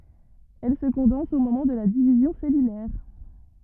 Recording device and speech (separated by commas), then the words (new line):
rigid in-ear microphone, read sentence
Elle se condense au moment de la division cellulaire.